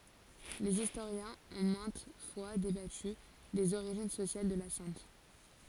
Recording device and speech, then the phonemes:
forehead accelerometer, read sentence
lez istoʁjɛ̃z ɔ̃ mɛ̃t fwa debaty dez oʁiʒin sosjal də la sɛ̃t

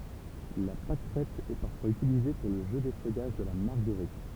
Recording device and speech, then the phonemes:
temple vibration pickup, read sentence
la pakʁɛt ɛ paʁfwaz ytilize puʁ lə ʒø defœjaʒ də la maʁɡəʁit

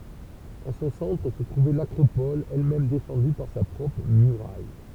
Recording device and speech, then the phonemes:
temple vibration pickup, read sentence
ɑ̃ sɔ̃ sɑ̃tʁ sə tʁuvɛ lakʁopɔl ɛlmɛm defɑ̃dy paʁ sa pʁɔpʁ myʁaj

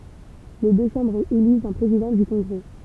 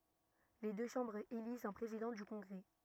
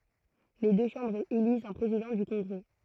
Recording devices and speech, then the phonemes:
temple vibration pickup, rigid in-ear microphone, throat microphone, read sentence
le dø ʃɑ̃bʁz elizt œ̃ pʁezidɑ̃ dy kɔ̃ɡʁɛ

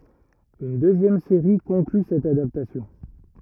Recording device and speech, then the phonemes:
rigid in-ear microphone, read sentence
yn døzjɛm seʁi kɔ̃kly sɛt adaptasjɔ̃

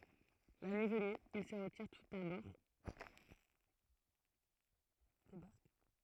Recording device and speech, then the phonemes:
throat microphone, read sentence
la nyi vəny il sə ʁətiʁ tus a bɔʁ de baʁk

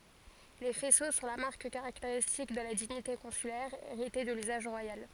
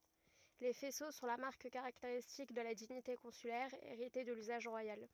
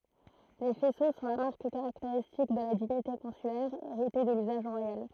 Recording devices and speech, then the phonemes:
forehead accelerometer, rigid in-ear microphone, throat microphone, read sentence
le fɛso sɔ̃ la maʁk kaʁakteʁistik də la diɲite kɔ̃sylɛʁ eʁite də lyzaʒ ʁwajal

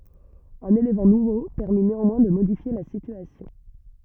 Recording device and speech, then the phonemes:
rigid in-ear microphone, read sentence
œ̃n elemɑ̃ nuvo pɛʁmi neɑ̃mwɛ̃ də modifje la sityasjɔ̃

